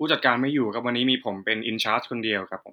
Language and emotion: Thai, neutral